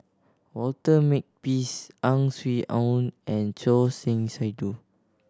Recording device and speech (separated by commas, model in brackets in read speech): standing microphone (AKG C214), read sentence